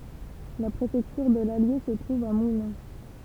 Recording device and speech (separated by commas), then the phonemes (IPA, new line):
temple vibration pickup, read sentence
la pʁefɛktyʁ də lalje sə tʁuv a mulɛ̃